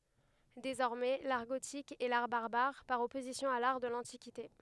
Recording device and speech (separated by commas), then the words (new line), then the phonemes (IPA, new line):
headset microphone, read sentence
Désormais, l’art gothique est l’art barbare par opposition à l’art de l’Antiquité.
dezɔʁmɛ laʁ ɡotik ɛ laʁ baʁbaʁ paʁ ɔpozisjɔ̃ a laʁ də lɑ̃tikite